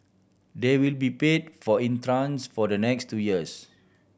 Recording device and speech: boundary microphone (BM630), read sentence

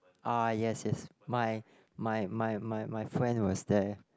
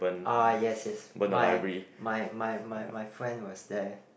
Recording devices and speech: close-talking microphone, boundary microphone, conversation in the same room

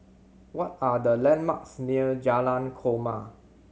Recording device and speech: mobile phone (Samsung C7100), read sentence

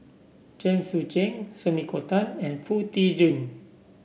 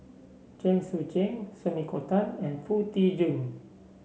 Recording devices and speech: boundary microphone (BM630), mobile phone (Samsung C7), read sentence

